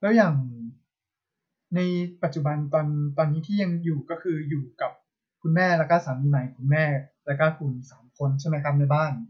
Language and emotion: Thai, frustrated